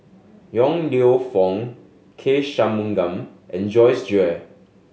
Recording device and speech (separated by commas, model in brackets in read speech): mobile phone (Samsung S8), read sentence